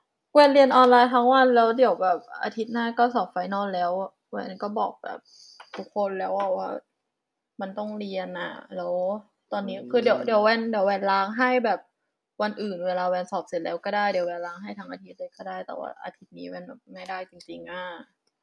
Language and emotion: Thai, frustrated